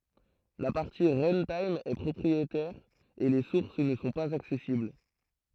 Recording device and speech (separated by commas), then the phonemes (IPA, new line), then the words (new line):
throat microphone, read sentence
la paʁti ʁœ̃tim ɛ pʁɔpʁietɛʁ e le suʁs nə sɔ̃ paz aksɛsibl
La partie runtime est propriétaire et les sources ne sont pas accessibles.